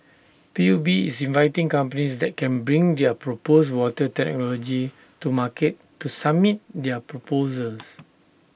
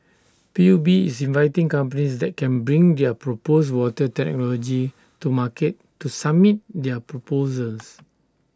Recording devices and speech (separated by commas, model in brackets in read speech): boundary microphone (BM630), standing microphone (AKG C214), read sentence